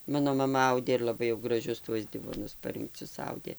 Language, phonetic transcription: Lithuanian, ˈmano maˈma ˈaudė ir laˈbai jau graˈžius tuos ˈdivonus parinkˈcius ˈaudė

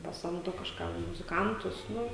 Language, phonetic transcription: Lithuanian, paˈsamdo kažˈkam muziˈkantus ˈnu

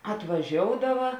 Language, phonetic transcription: Lithuanian, atvaˈžioudava

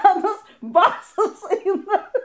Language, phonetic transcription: Lithuanian, aˈnas ˈbasas ˈaina

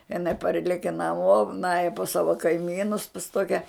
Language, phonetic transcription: Lithuanian, iˈnai ˈparleke naˈmo ˈnaja pas ˈsava kaiˈmynus pas ˈtokia

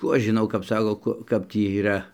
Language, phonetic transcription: Lithuanian, ˈkų aš žiˈnau kap ˈsako ˈku ˈkap tį yˈra

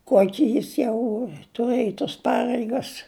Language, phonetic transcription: Lithuanian, ˈkuoki ˈjis jau tuˈrɘj tos ˈpareigas

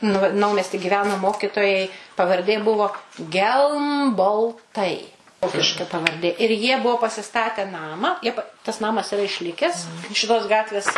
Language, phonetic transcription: Lithuanian, ˈnu va naumesti giˈveno ˈmokitojai pavarˈdė ˈbuvo gelmbolˈtai ˈvokiška pavarˈdė ir ˈjie ˈbuo pasiˈstate ˈnamą ˈjie pa tas ˈnamas iˈra išˈlikes šiˈtos ˈgatvės

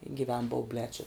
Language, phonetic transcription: Lithuanian, giˈven bauˈblē či

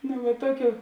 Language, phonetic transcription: Lithuanian, nu va ˈtoˌkių

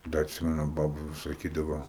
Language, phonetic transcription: Lithuanian, ˈda atˈsimenu ˈbabu vis saˈkydavo

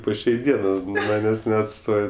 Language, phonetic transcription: Lithuanian, po ˈšiai ˈdienɜ nu ˈmanės' neatˈstoj

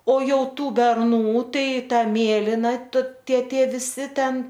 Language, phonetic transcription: Lithuanian, o ˈjau ˈtų berˈnų ˈtai ˈta ˈmėlina t ˈtie ˈtie viˈsi ˈten

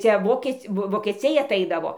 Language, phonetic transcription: Lithuanian, ˈcia ˈvokiec' ˈvo vokeˈciai aˈtaidavo

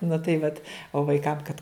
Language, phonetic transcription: Lithuanian, nu tai ˈvat o vaiˈkam kad

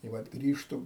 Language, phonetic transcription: Lithuanian, i ˈvat ˈgrįžtu

